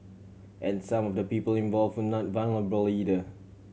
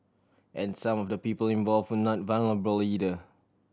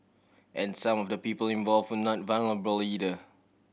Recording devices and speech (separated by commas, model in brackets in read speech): mobile phone (Samsung C7100), standing microphone (AKG C214), boundary microphone (BM630), read sentence